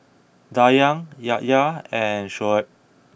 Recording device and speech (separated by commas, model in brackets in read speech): boundary microphone (BM630), read sentence